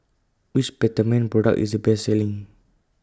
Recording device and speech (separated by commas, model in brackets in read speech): close-talking microphone (WH20), read sentence